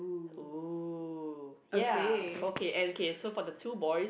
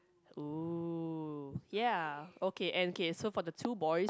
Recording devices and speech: boundary microphone, close-talking microphone, conversation in the same room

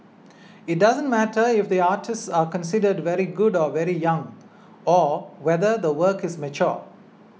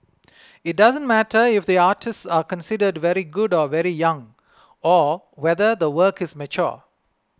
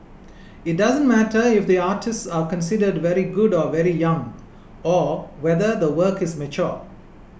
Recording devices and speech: mobile phone (iPhone 6), close-talking microphone (WH20), boundary microphone (BM630), read sentence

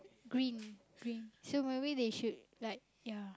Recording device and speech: close-talking microphone, conversation in the same room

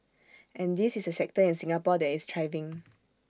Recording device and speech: standing microphone (AKG C214), read sentence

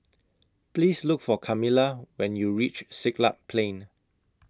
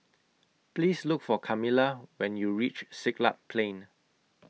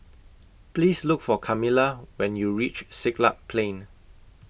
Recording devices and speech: close-talking microphone (WH20), mobile phone (iPhone 6), boundary microphone (BM630), read sentence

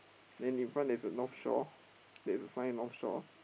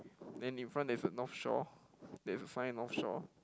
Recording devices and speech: boundary microphone, close-talking microphone, conversation in the same room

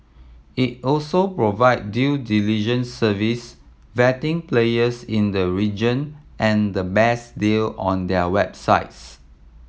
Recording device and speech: mobile phone (iPhone 7), read sentence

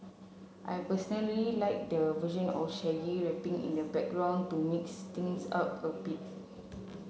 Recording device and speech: mobile phone (Samsung C7), read sentence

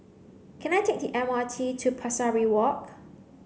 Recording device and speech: mobile phone (Samsung C9), read sentence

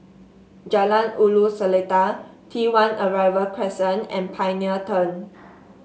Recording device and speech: mobile phone (Samsung S8), read sentence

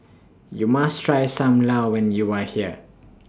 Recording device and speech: standing microphone (AKG C214), read sentence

